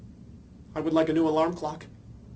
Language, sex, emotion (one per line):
English
male
neutral